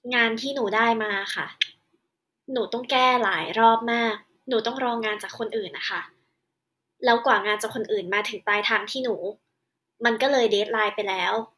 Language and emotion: Thai, frustrated